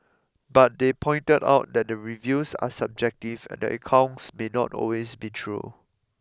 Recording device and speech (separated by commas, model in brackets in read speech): close-talking microphone (WH20), read sentence